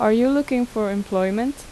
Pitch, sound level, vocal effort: 225 Hz, 82 dB SPL, normal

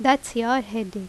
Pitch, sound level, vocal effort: 235 Hz, 85 dB SPL, loud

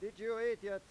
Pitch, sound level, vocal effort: 210 Hz, 101 dB SPL, loud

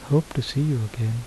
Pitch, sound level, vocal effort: 135 Hz, 73 dB SPL, soft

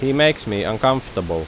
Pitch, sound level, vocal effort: 120 Hz, 87 dB SPL, loud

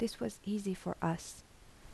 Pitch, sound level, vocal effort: 195 Hz, 75 dB SPL, soft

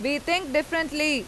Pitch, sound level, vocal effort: 300 Hz, 93 dB SPL, very loud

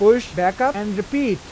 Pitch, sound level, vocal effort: 210 Hz, 92 dB SPL, normal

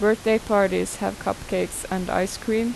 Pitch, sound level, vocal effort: 215 Hz, 83 dB SPL, normal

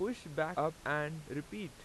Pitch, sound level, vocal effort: 155 Hz, 89 dB SPL, loud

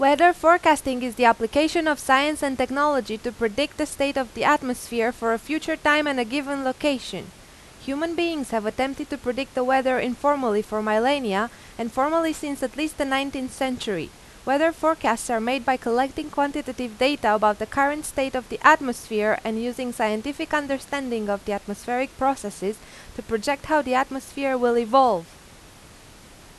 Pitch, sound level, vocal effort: 265 Hz, 90 dB SPL, very loud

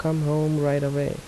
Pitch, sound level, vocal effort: 150 Hz, 77 dB SPL, soft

